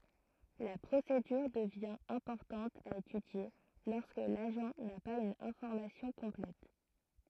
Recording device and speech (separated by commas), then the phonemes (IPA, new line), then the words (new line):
throat microphone, read sentence
la pʁosedyʁ dəvjɛ̃ ɛ̃pɔʁtɑ̃t a etydje lɔʁskə laʒɑ̃ na paz yn ɛ̃fɔʁmasjɔ̃ kɔ̃plɛt
La procédure devient importante à étudier lorsque l'agent n'a pas une information complète.